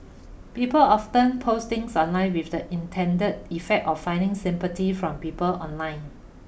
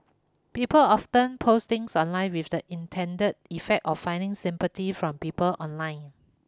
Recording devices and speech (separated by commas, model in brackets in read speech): boundary microphone (BM630), close-talking microphone (WH20), read sentence